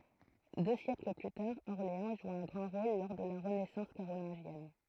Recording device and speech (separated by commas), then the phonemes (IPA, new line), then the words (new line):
throat microphone, read sentence
dø sjɛkl ply taʁ ɔʁleɑ̃ ʒu œ̃ ɡʁɑ̃ ʁol lɔʁ də la ʁənɛsɑ̃s kaʁolɛ̃ʒjɛn
Deux siècles plus tard, Orléans joue un grand rôle lors de la renaissance carolingienne.